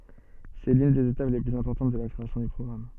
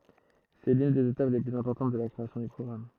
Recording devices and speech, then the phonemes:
soft in-ear microphone, throat microphone, read sentence
sɛ lyn dez etap le plyz ɛ̃pɔʁtɑ̃t də la kʁeasjɔ̃ dœ̃ pʁɔɡʁam

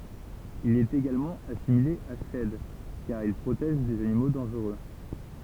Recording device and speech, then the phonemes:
temple vibration pickup, read sentence
il ɛt eɡalmɑ̃ asimile a ʃɛd kaʁ il pʁotɛʒ dez animo dɑ̃ʒʁø

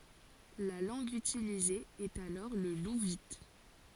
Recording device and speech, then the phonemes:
forehead accelerometer, read sentence
la lɑ̃ɡ ytilize ɛt alɔʁ lə luvit

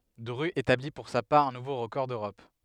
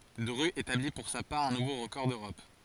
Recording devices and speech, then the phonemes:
headset microphone, forehead accelerometer, read sentence
dʁy etabli puʁ sa paʁ œ̃ nuvo ʁəkɔʁ døʁɔp

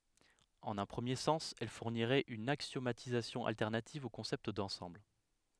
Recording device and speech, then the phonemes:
headset microphone, read sentence
ɑ̃n œ̃ pʁəmje sɑ̃s ɛl fuʁniʁɛt yn aksjomatizasjɔ̃ altɛʁnativ o kɔ̃sɛpt dɑ̃sɑ̃bl

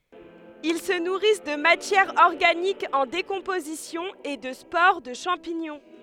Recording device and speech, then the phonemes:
headset microphone, read sentence
il sə nuʁis də matjɛʁ ɔʁɡanik ɑ̃ dekɔ̃pozisjɔ̃ e də spoʁ də ʃɑ̃piɲɔ̃

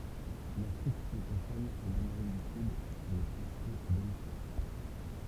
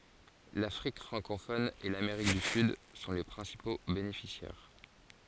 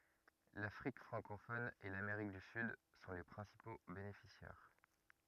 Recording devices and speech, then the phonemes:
temple vibration pickup, forehead accelerometer, rigid in-ear microphone, read sentence
lafʁik fʁɑ̃kofɔn e lameʁik dy syd sɔ̃ le pʁɛ̃sipo benefisjɛʁ

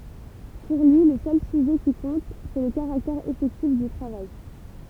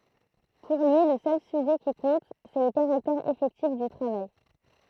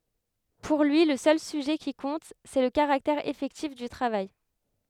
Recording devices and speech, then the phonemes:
temple vibration pickup, throat microphone, headset microphone, read sentence
puʁ lyi lə sœl syʒɛ ki kɔ̃t sɛ lə kaʁaktɛʁ efɛktif dy tʁavaj

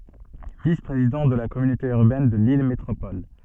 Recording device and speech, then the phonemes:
soft in-ear microphone, read sentence
vis pʁezidɑ̃ də la kɔmynote yʁbɛn də lil metʁopɔl

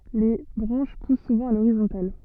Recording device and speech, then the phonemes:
soft in-ear microphone, read sentence
le bʁɑ̃ʃ pus suvɑ̃ a loʁizɔ̃tal

